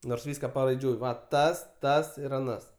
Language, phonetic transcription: Lithuanian, nors ˈvyska paraiˈdžiui ˈva ˈtas ˈtas ir aˈnas

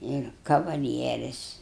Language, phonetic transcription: Lithuanian, ˈir kavaˈlieris

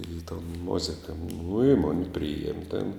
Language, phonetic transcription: Lithuanian, į ton ˈmozika nu i ˈmoni ˈprijiem' ten

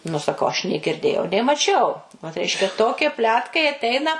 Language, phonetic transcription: Lithuanian, nu saˈkau aš nė girˈdėjau nė maˈčiau vat ˈreiškia ˈtokie ˈpletkai atˈeina

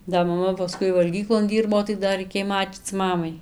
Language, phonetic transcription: Lithuanian, da maˈma paˈskui valˈgyklon ˈdyrbo tai da raiˈkėj ˈmačyc ˈmamai

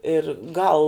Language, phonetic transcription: Lithuanian, ir ˈgal

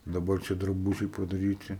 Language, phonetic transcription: Lithuanian, daˈbar ˈčia draˈbužiai padaˈryti

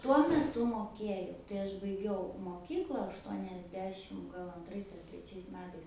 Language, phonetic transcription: Lithuanian, ˈtuo meˈtu moˈkėjau tai ˈaš baiˈgiau moˈkykla aštuoniasˈdešim ˈgal anˈtrais ar treˈčiais ˈmetais

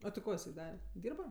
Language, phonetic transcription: Lithuanian, a ti ˈko iˈsai ˈdare ˈdyrba

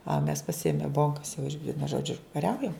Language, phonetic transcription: Lithuanian, a mes pasiˈėme ˈbonkas ˈvienu ˈžodžiu kaˈriaujam

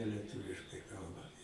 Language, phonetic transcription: Lithuanian, lieˈtuviškai ˈkalba

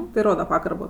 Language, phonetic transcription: Lithuanian, tai ˈroda ˈpagarbo

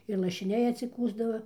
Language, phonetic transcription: Lithuanian, ir lašiˈniai atsiˈkųsdava

